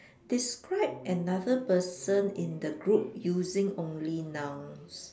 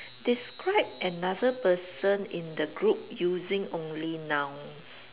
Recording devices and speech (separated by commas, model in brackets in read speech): standing microphone, telephone, conversation in separate rooms